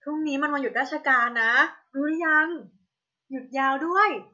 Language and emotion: Thai, happy